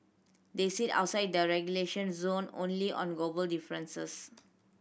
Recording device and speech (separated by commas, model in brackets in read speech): boundary microphone (BM630), read sentence